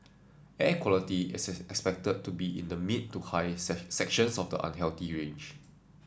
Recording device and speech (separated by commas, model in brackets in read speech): standing microphone (AKG C214), read sentence